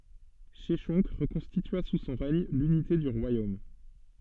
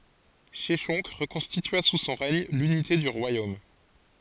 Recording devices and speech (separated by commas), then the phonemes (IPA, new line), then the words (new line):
soft in-ear microphone, forehead accelerometer, read sentence
ʃɛʃɔ̃k ʁəkɔ̃stitya su sɔ̃ ʁɛɲ lynite dy ʁwajom
Sheshonq reconstitua sous son règne l'unité du royaume.